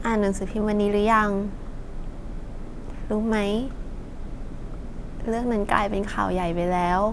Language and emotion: Thai, sad